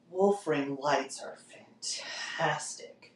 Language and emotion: English, disgusted